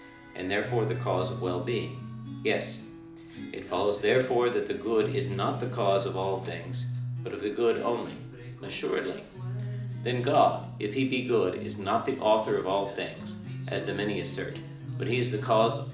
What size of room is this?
A moderately sized room (about 5.7 m by 4.0 m).